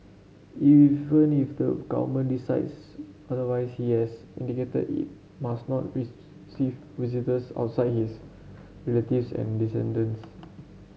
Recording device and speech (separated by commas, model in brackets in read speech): mobile phone (Samsung C7), read sentence